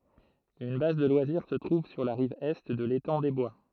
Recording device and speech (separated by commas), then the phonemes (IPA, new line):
throat microphone, read sentence
yn baz də lwaziʁ sə tʁuv syʁ la ʁiv ɛ də letɑ̃ de bwa